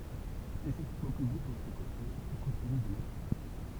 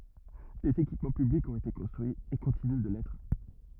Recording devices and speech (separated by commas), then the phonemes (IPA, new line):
temple vibration pickup, rigid in-ear microphone, read sentence
dez ekipmɑ̃ pyblikz ɔ̃t ete kɔ̃stʁyiz e kɔ̃tiny də lɛtʁ